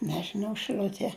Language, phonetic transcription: Lithuanian, nežiˈnau šɨˈliutie

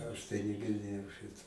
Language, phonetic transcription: Lithuanian, ˈaš tai nigirˈdėjau ˈšito

